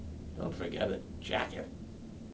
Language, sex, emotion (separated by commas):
English, male, neutral